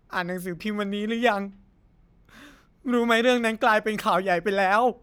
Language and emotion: Thai, sad